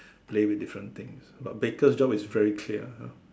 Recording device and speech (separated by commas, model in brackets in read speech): standing microphone, conversation in separate rooms